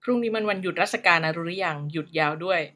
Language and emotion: Thai, neutral